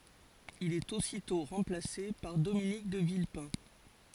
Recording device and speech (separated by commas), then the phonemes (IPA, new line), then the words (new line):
forehead accelerometer, read sentence
il ɛt ositɔ̃ ʁɑ̃plase paʁ dominik də vilpɛ̃
Il est aussitôt remplacé par Dominique de Villepin.